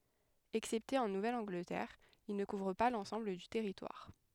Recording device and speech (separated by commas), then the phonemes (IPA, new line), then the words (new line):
headset microphone, read sentence
ɛksɛpte ɑ̃ nuvɛl ɑ̃ɡlətɛʁ il nə kuvʁ pa lɑ̃sɑ̃bl dy tɛʁitwaʁ
Excepté en Nouvelle-Angleterre, il ne couvre pas l'ensemble du territoire.